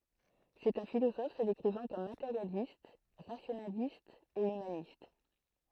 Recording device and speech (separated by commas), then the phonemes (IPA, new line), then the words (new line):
throat microphone, read sentence
sɛt œ̃ filozɔf sə dekʁivɑ̃ kɔm mateʁjalist ʁasjonalist e ymanist
C'est un philosophe se décrivant comme matérialiste, rationaliste et humaniste.